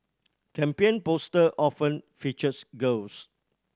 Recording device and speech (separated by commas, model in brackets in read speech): standing microphone (AKG C214), read sentence